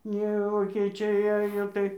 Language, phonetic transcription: Lithuanian, ˈne vokėˈčiai ˈajo tai

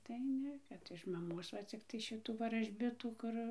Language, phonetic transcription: Lithuanian, tai ˈne ˈkad iš maˈmos va ˈciktai ˈšitų varažˈbitų ˈkur

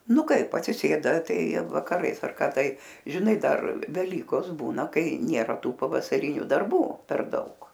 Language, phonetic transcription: Lithuanian, ˈnu ˈkaip atsiˈsėda ˈtai vakaˈrais ar ˈka ˈtai žiˈnai ˈdar veˈlykos ˈbūna ˈkai ˈnėra ˈtų pavasaˈriniu darˈbų per ˈdaug

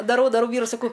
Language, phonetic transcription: Lithuanian, daˈrau daˈrau ˈvyrui saˈkau

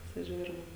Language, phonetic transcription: Lithuanian, pasiˈžiūrim

